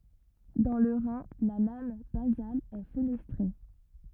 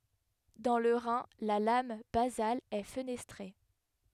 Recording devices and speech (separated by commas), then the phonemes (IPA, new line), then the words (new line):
rigid in-ear microphone, headset microphone, read sentence
dɑ̃ lə ʁɛ̃ la lam bazal ɛ fənɛstʁe
Dans le rein, la lame basale est fenestrée.